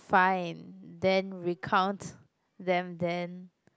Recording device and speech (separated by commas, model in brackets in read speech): close-talking microphone, conversation in the same room